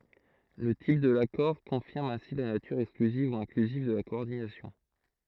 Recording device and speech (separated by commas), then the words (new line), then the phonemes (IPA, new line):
throat microphone, read sentence
Le type de l'accord confirme ainsi la nature exclusive ou inclusive de la coordination.
lə tip də lakɔʁ kɔ̃fiʁm ɛ̃si la natyʁ ɛksklyziv u ɛ̃klyziv də la kɔɔʁdinasjɔ̃